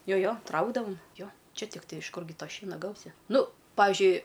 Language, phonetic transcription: Lithuanian, ˈjo ˈjo ˈtraukdavom ˈjo ˈčia tikˈtai iš ˈkurgi ˈto ˈšiena ˈgausi ˈnu ˈpavižiui

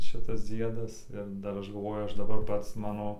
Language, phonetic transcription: Lithuanian, ˈšitas ˈdziedas ir ˈdar ˈaš galˈvoju ˈaš daˈbar ˈpats ˈmano

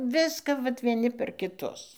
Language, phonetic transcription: Lithuanian, ˈviska vat vieˈni per kiˈtus

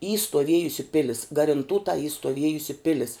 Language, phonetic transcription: Lithuanian, y stuoˈviejusi ˈpilis garinˈtūta y stoˈviejusi ˈpilis

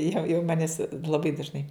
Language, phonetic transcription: Lithuanian, jau jau ˈmanis laˈbai dažˈnai

